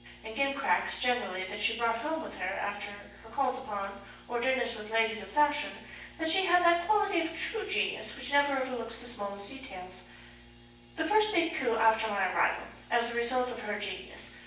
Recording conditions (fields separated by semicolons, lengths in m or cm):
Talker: one person; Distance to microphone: 9.8 m; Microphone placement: far; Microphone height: 1.8 m; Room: large; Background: none